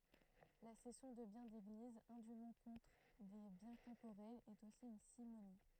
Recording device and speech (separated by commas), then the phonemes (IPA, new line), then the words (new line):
throat microphone, read sentence
la sɛsjɔ̃ də bjɛ̃ deɡliz ɛ̃dym kɔ̃tʁ de bjɛ̃ tɑ̃poʁɛlz ɛt osi yn simoni
La cession de biens d'Église indûment contre des biens temporels est aussi une simonie.